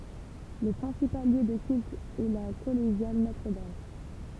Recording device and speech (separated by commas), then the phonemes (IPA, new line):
temple vibration pickup, read sentence
lə pʁɛ̃sipal ljø də kylt ɛ la kɔleʒjal notʁədam